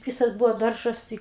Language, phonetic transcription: Lithuanian, ˈvisas ˈbuvo ˈdaržas ˈtai

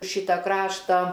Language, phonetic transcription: Lithuanian, ˈšyta ˈkraštą

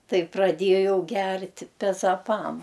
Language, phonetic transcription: Lithuanian, ˈtai praˈdėjau ˈgerti pezaˈpam

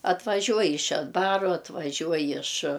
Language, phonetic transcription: Lithuanian, atvaˈžiuoj iš šedˈbaru atvaˈžiuoj iš

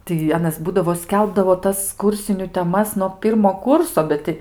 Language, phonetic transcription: Lithuanian, tai ˈanas ˈbūdavo ˈskelbdavo ˈtas ˈkūrsiniu teˈmas nuo ˈpyrmo ˈkurso ˈbet ti

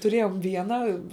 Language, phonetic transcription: Lithuanian, tuˈrėjom ˈviena

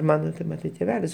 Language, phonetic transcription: Lithuanian, ˈmano ten ˈmatai tėˈvelis

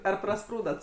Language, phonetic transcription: Lithuanian, ˈar praˈsprūdat

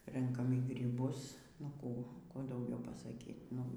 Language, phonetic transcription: Lithuanian, ˈrenkam y gryˈbus nu ˈkų ˈkų dauˈgiau pasaˈky nu

